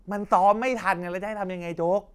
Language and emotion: Thai, frustrated